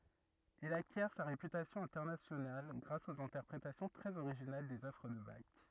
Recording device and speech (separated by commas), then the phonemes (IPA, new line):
rigid in-ear microphone, read sentence
il akjɛʁ sa ʁepytasjɔ̃ ɛ̃tɛʁnasjonal ɡʁas oz ɛ̃tɛʁpʁetasjɔ̃ tʁɛz oʁiʒinal dez œvʁ də bak